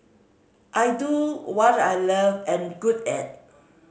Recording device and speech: mobile phone (Samsung C5010), read sentence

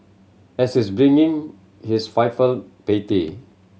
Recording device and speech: mobile phone (Samsung C7100), read sentence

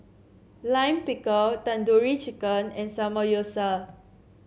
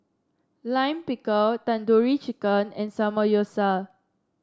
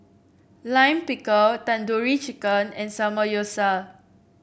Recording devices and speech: mobile phone (Samsung C7), standing microphone (AKG C214), boundary microphone (BM630), read sentence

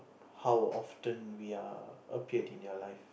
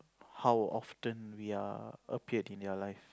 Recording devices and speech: boundary microphone, close-talking microphone, conversation in the same room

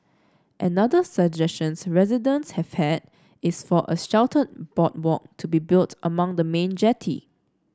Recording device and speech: standing microphone (AKG C214), read sentence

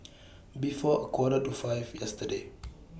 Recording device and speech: boundary microphone (BM630), read sentence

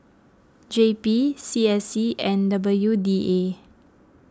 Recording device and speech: close-talking microphone (WH20), read sentence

